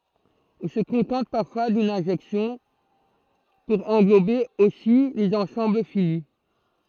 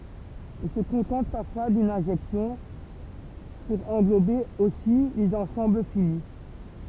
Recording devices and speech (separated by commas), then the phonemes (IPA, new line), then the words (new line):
throat microphone, temple vibration pickup, read sentence
ɔ̃ sə kɔ̃tɑ̃t paʁfwa dyn ɛ̃ʒɛksjɔ̃ puʁ ɑ̃ɡlobe osi lez ɑ̃sɑ̃bl fini
On se contente parfois d'une injection pour englober aussi les ensembles finis.